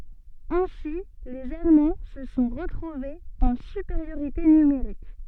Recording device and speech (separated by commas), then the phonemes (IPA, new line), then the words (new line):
soft in-ear microphone, read sentence
ɛ̃si lez almɑ̃ sə sɔ̃ ʁətʁuvez ɑ̃ sypeʁjoʁite nymeʁik
Ainsi les Allemands se sont retrouvés en supériorité numérique.